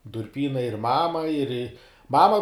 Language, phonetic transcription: Lithuanian, durˈpynai ir ˈmama ir i ˈmama

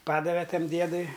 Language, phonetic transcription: Lithuanian, ˈpadave ˈtam ˈdiedui

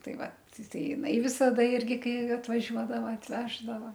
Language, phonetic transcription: Lithuanian, ˈtai ˈvat ˈtai jiˈnai visaˈda ˈirgi ˈkai atvaˈžiuodava atˈveždava

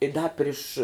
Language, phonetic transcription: Lithuanian, i ˈda ˈpriš

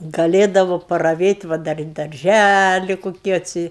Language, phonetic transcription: Lithuanian, gaˈlėdavo paraˈvėt' ˈva dar ir darˈžæli ˈkoki atˈsi

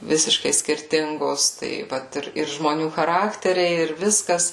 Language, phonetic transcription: Lithuanian, ˈvisiškai skirˈtingos ˈtai ˈvat ir ir žmoˈnių chaˈrakteriai ir ˈviskas

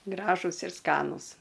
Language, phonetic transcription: Lithuanian, ˈgražus ir ˈskanūs

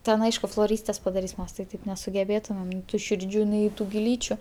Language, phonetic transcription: Lithuanian, ˈten ˈaišku floˈrystės padaˈrys ˈmes tai ˈtaip nesugeˈbėtumem nei ˈtų ˈširdžių nei ˈtų giˈlyčiu

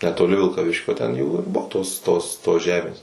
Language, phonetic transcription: Lithuanian, netoˈli vilkaˈviškio ten ˈjų ir ˈbuvo ˈtos ˈtos tos ˈžemės

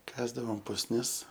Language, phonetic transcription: Lithuanian, ˈkasdavom pusˈnis

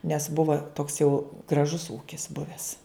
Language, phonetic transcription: Lithuanian, nes ˈbuva toks jau graˈžus ˈūkis ˈbuvęs

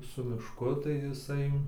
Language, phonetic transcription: Lithuanian, su mišˈku tai jiˈsai

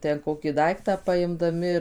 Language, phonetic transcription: Lithuanian, ten ˈkokį ˈdaiktą paimdaˈmi ir

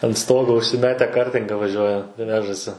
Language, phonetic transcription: Lithuanian, an ˈstogo užsiˈmete ˈkartinga vaˈžiuoja ˈvežasi

